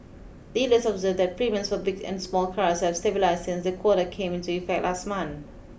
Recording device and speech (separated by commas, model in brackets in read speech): boundary microphone (BM630), read sentence